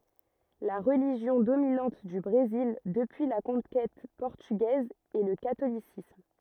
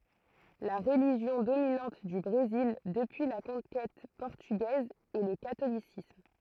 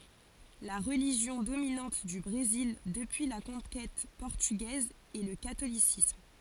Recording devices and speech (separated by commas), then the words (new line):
rigid in-ear microphone, throat microphone, forehead accelerometer, read sentence
La religion dominante du Brésil depuis la conquête portugaise est le catholicisme.